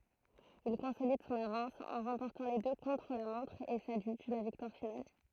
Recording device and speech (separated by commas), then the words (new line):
throat microphone, read sentence
Il consolide son avance en remportant les deux contre-la-montre et s'adjuge la victoire finale.